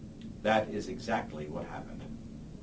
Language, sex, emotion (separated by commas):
English, male, neutral